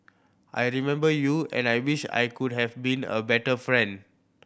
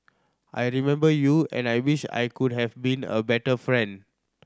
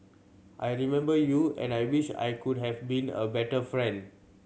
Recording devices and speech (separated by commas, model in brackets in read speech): boundary microphone (BM630), standing microphone (AKG C214), mobile phone (Samsung C7100), read sentence